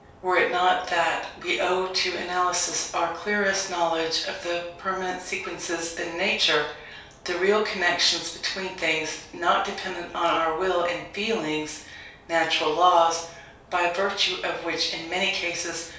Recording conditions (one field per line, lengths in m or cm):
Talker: one person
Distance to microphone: 3.0 m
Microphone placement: far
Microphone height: 1.8 m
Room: small (3.7 m by 2.7 m)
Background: none